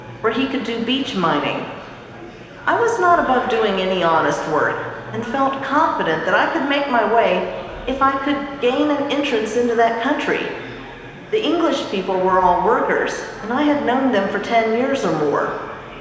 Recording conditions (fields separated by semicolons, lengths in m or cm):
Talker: one person; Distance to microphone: 1.7 m; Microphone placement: close; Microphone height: 1.0 m; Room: very reverberant, large; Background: babble